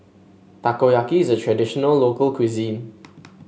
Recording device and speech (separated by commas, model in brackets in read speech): mobile phone (Samsung S8), read sentence